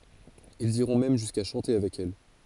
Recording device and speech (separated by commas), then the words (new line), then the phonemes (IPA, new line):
forehead accelerometer, read sentence
Ils iront même jusqu'à chanter avec elle.
ilz iʁɔ̃ mɛm ʒyska ʃɑ̃te avɛk ɛl